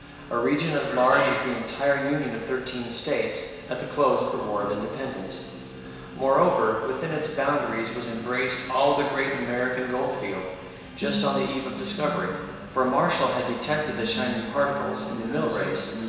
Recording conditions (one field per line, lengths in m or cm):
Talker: one person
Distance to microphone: 1.7 m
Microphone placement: close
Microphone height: 1.0 m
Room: very reverberant, large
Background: television